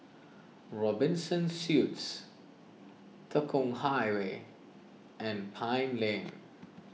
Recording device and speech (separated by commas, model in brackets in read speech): mobile phone (iPhone 6), read sentence